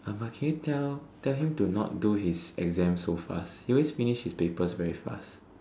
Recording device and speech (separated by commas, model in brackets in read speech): standing microphone, conversation in separate rooms